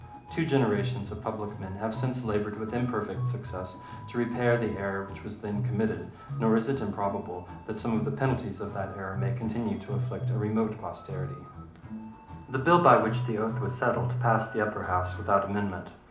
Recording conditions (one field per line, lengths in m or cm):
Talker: one person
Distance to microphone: 2.0 m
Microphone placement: close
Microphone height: 99 cm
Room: medium-sized (5.7 m by 4.0 m)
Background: music